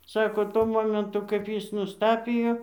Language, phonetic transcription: Lithuanian, ˈsako ˈtuo ˈmomentu kaip ˈjis nusˈtapijo

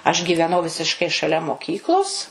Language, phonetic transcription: Lithuanian, aš gyveˈnau visišˈkai šaˈlia moˈkyklos

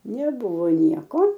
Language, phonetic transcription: Lithuanian, neˈbuvo ˈnieko

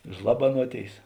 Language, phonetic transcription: Lithuanian, ˈžlabanuoˌtėis

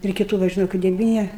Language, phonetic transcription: Lithuanian, ir kiˈtų ˈva žiˈnau kai deˈvyni

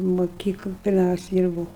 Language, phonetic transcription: Lithuanian, moˈkykl pirˈmiausiai ˈdyrbūu

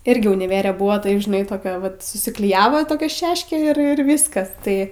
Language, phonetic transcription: Lithuanian, ˈirgi uniˈvere ˈbua ˈtaip žiˈnai toˈkia vat susikliˈjavo toˈkia ˈšeškė ir ˈviskas ˈtai

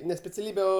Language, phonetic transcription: Lithuanian, ne speciaˈlybe ˈo

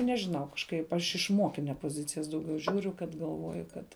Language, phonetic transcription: Lithuanian, nežiˈnau kažˈkaip ˈaš iš ˈmokinia poˈzicijas dauˈgiau ˈžiūriu kad galˈvoju ˈkad

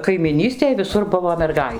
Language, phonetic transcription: Lithuanian, kaimiˈnystėj viˈsur ˈbuvo merˈgai

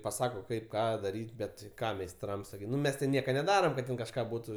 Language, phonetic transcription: Lithuanian, paˈsako ˈkaip ˈką daˈryt' ˈbet ti ˈką meisˈtrams ˈnu ˈmes ti ˈnieka neˈdaram kad ˈten kažˈką ˈbūtu

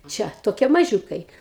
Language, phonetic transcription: Lithuanian, ˈčia toˈkie maˈžiūkai

